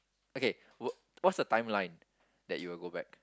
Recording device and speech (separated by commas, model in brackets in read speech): close-talking microphone, conversation in the same room